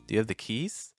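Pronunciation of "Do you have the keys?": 'Do you have the keys?' starts on a low pitch and finishes on a higher pitch.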